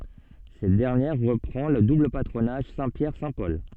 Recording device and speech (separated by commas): soft in-ear microphone, read sentence